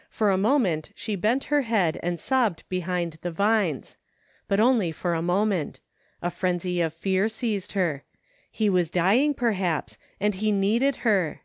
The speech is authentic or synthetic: authentic